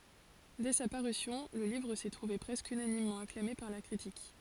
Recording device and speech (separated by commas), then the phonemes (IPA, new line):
forehead accelerometer, read sentence
dɛ sa paʁysjɔ̃ lə livʁ sɛ tʁuve pʁɛskə ynanimmɑ̃ aklame paʁ la kʁitik